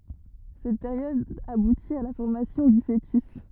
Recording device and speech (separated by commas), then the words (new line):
rigid in-ear microphone, read sentence
Cette période aboutit à la formation du fœtus.